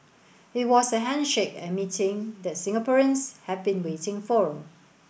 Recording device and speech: boundary microphone (BM630), read sentence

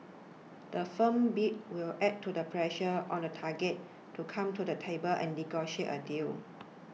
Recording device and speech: mobile phone (iPhone 6), read sentence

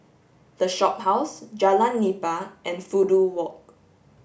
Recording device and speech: boundary microphone (BM630), read sentence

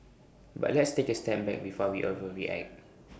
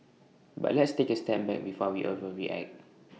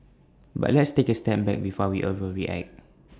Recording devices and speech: boundary microphone (BM630), mobile phone (iPhone 6), standing microphone (AKG C214), read sentence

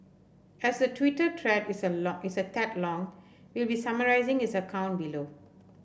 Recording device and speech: boundary microphone (BM630), read sentence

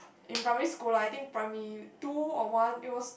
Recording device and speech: boundary microphone, conversation in the same room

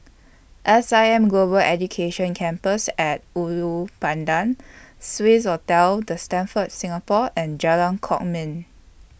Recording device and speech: boundary microphone (BM630), read sentence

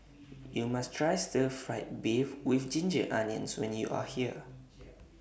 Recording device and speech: boundary microphone (BM630), read sentence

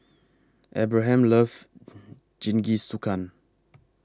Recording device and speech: close-talking microphone (WH20), read sentence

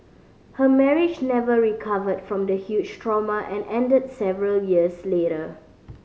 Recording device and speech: mobile phone (Samsung C5010), read sentence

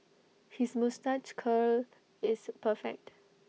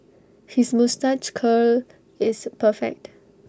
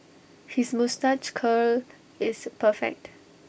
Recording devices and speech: mobile phone (iPhone 6), standing microphone (AKG C214), boundary microphone (BM630), read sentence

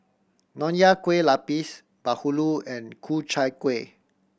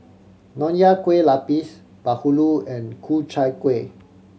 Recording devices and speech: boundary microphone (BM630), mobile phone (Samsung C7100), read sentence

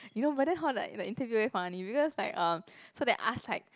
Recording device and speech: close-talking microphone, conversation in the same room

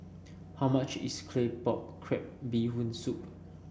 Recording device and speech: boundary microphone (BM630), read sentence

